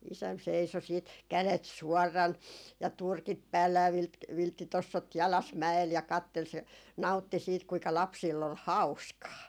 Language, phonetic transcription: Finnish, 'isäm seiso siit , "kälet 'suɔrran , ja "turkit 'päällä ja vi- 'vilttitossot 'jalas 'mä₍el ja 'kattel se , 'nau̬tti siit kuika 'lapsiill ‿ol "hau̬skaa .
- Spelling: isän seisoi sitten kädet suorana ja turkit päällä ja - vilttitossut jalassa mäellä ja katseli se nautti siitä kuinka lapsilla oli hauskaa

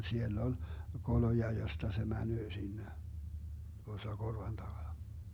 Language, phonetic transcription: Finnish, 'siel'l ‿on̬ , 'koloja josta se 'mänöö 'sinne , 'tuossa "korvan 'taGana .
- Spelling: siellä on koloja josta se menee sinne tuossa korvan takana

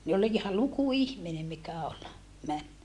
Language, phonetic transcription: Finnish, ne ol iha luku ihmine mikä ol , män .
- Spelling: ne oli ihan luku ihminen mikä oli meni

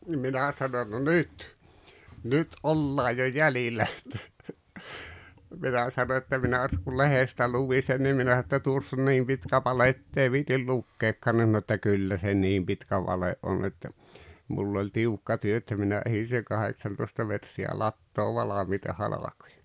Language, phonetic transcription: Finnish, nim ’minä sanon » no "nyt , 'nyt "’ollaa jo "jälilä « että , 'minä sano että 'minä (et) kul "lehestä 'luvi sen nim 'minä s[anoin] ‿että 'tuoss ‿on "niim pitkä "vale 'ettei 'viitil "lukkeekkaan « (nin) sano että » "kyllä se "niim pitkä 'vale’ ’on että , 'mull ‿oĺ "tiukka 'työ että 'minä '’ehin seŋ 'kaheksantoⁱsta metri₍ä 'lattoov̆ "valamiita 'halakᴏᴊᴀ « .
- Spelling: niin minä sanoin no nyt nyt ollaan jo jäljillä että minä sanoin että minä että kun lehdestä luin sen niin minä sanoin että tuossa on niin pitkä vale että ei viitsi lukeakaan niin sanoi että kyllä se niin pitkä vale on että minulla oli tiukka työ että minä ehdin sen kahdeksantoista metriä latoa valmiita halkoja

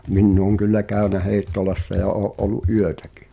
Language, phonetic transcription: Finnish, min'n ‿ooŋ kyllä "kä̀y̭nä 'Hèi̬ttolassa ja 'oo’ ’ol̆lu’ "’yötᴀ̈kɪ .
- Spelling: minä olen kyllä käynyt Heittolassa ja olen ollut yötäkin

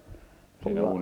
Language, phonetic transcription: Finnish, pul -
- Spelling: -

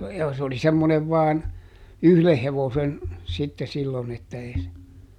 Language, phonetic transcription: Finnish, ja s ‿oli ˈsemmonev ˈvaan , "yhleh ˈhevosen , sitte sillon ‿että ˈee se ,.
- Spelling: ja se oli semmoinen vain yhden hevosen sitten silloin että ei se

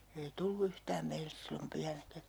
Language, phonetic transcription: Finnish, ei 'tullu 'yhtääm meilles sillom 'pyhänäkä .
- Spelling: ei tullut yhtään meille silloin pyhänäkään

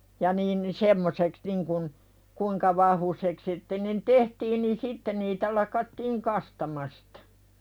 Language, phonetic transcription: Finnish, ja niin ni 'semmoseks niŋkun , 'kuiŋka vahvusek sitte nin "tehtiin nin "sitte niitä lakattiiŋ 'kastamastᴀ .
- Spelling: ja niin niin semmoiseksi niin kuin kuinka vahvuiseksi sitten niin tehtiin niin sitten niitä lakattiin kastamasta

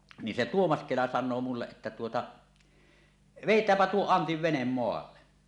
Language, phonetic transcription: Finnish, ni se "Tuomas 'Kela san̆noo mulleˀ ˀettä tuota , » "vèit̀äämpä tuo 'Antiv 'venem 'moalla « .
- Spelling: niin se Tuomas Kela sanoo minulle että tuota vedetäänpä tuo Antin vene maalle

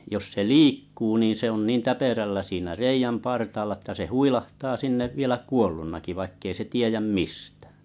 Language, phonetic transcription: Finnish, jos se "liikkuu niin̬ se ‿on 'niin 'täperällä siinä "reijäm partaalla ᵉttä se "huilahtaa 'sinnev 'vielä "kuollunnaki 'vaikkei se "tiejäm "mistᴀ̈̀ .
- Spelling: jos se liikkuu niin se on niin täpärällä siinä reiän partaalla että se huilahtaa sinne vielä kuolleenakin vaikka ei se tiedä mistään

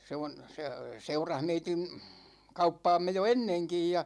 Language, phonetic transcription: Finnish, 'se on̬ , 'se , 'seurah meitin̬ , 'kauppaamme jo "enneŋkij ja .
- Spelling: se on se seurasi meidän kauppaamme jo ennenkin ja

